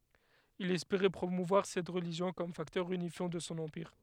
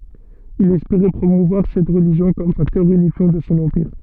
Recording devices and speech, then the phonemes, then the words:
headset microphone, soft in-ear microphone, read sentence
il ɛspeʁɛ pʁomuvwaʁ sɛt ʁəliʒjɔ̃ kɔm faktœʁ ynifjɑ̃ də sɔ̃ ɑ̃piʁ
Il espérait promouvoir cette religion comme facteur unifiant de son empire.

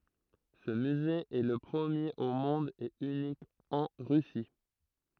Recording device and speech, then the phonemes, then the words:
throat microphone, read sentence
sə myze ɛ lə pʁəmjeʁ o mɔ̃d e ynik ɑ̃ ʁysi
Ce musée est le premier au monde et unique en Russie.

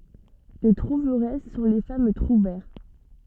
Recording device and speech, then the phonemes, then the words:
soft in-ear microphone, read sentence
le tʁuvʁɛs sɔ̃ le fam tʁuvɛʁ
Les trouveresses sont les femmes trouvères.

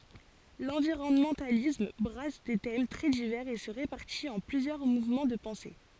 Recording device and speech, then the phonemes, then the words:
forehead accelerometer, read sentence
lɑ̃viʁɔnmɑ̃talism bʁas de tɛm tʁɛ divɛʁz e sə ʁepaʁtit ɑ̃ plyzjœʁ muvmɑ̃ də pɑ̃se
L'environnementalisme brasse des thèmes très divers et se répartit en plusieurs mouvements de pensée.

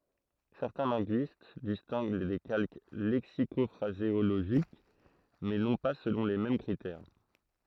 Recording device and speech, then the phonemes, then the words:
throat microphone, read sentence
sɛʁtɛ̃ lɛ̃ɡyist distɛ̃ɡ de kalk lɛksikɔfʁazeoloʒik mɛ nɔ̃ pa səlɔ̃ le mɛm kʁitɛʁ
Certains linguistes distinguent des calques lexico-phraséologiques, mais non pas selon les mêmes critères.

